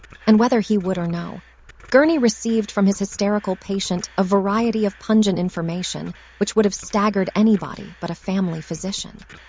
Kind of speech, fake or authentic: fake